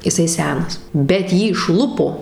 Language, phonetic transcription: Lithuanian, iˈsai ˈsenas bet ˈjį išˈlupo

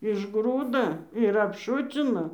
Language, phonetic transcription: Lithuanian, išˈgrūda ir apˈšucina

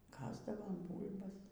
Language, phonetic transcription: Lithuanian, ˈkasdavom ˈbūl'bas

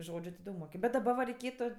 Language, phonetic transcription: Lithuanian, ˈžodžiu ti ˈdaug moˈkim bet daˈba va reiˈkėtu

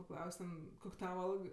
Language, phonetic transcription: Lithuanian, paˈklaus' ten ˈkok' ˈtava ˈalg

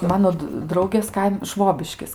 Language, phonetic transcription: Lithuanian, ˈmano d ˈdraugės ˈkaim ˈšvobiškis

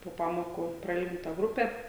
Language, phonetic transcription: Lithuanian, po ˈpamoku praˈilginta ˈgrupe

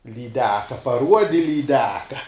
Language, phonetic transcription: Lithuanian, lyˈdeka paˈruodi lyˈdeka

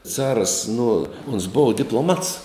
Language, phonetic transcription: Lithuanian, ˈcaras nu ons ˈbova diploˈmats

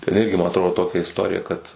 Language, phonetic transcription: Lithuanian, ten ˈirgi ma atˈrodo ˈtokia isˈtorija kad

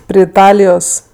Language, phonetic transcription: Lithuanian, pri iˈtalijos

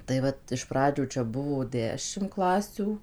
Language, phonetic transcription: Lithuanian, tai ˈvat iš ˈpradžių čia ˈbuvo ˈdešim ˈklasių

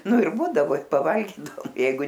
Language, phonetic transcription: Lithuanian, ˈnu ir ˈbūdavo paˈvalgydaom ˈjeigu

